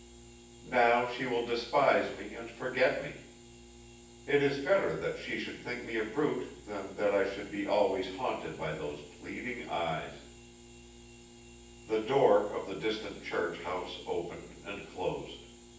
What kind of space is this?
A big room.